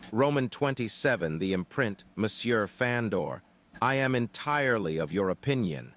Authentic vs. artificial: artificial